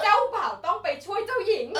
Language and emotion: Thai, happy